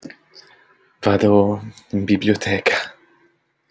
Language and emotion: Italian, fearful